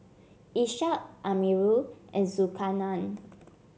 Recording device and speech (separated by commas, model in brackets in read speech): mobile phone (Samsung C7), read sentence